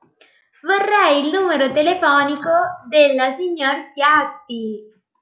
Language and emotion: Italian, happy